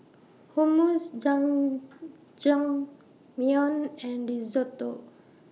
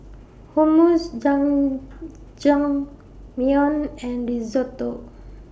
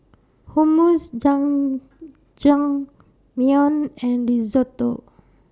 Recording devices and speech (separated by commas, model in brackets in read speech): mobile phone (iPhone 6), boundary microphone (BM630), standing microphone (AKG C214), read sentence